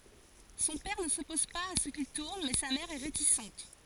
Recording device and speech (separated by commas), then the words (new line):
forehead accelerometer, read sentence
Son père ne s'oppose pas à ce qu'il tourne mais sa mère est réticente.